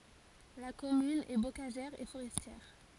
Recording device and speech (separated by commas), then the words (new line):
forehead accelerometer, read sentence
La commune est bocagère et forestière.